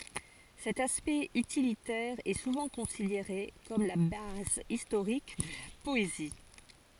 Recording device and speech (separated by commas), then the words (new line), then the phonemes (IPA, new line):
forehead accelerometer, read sentence
Cet aspect utilitaire est souvent considéré comme la base historique de la poésie.
sɛt aspɛkt ytilitɛʁ ɛ suvɑ̃ kɔ̃sideʁe kɔm la baz istoʁik də la pɔezi